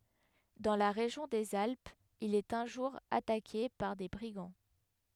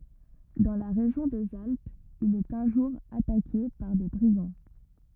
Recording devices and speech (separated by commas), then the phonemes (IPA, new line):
headset microphone, rigid in-ear microphone, read sentence
dɑ̃ la ʁeʒjɔ̃ dez alpz il ɛt œ̃ ʒuʁ atake paʁ de bʁiɡɑ̃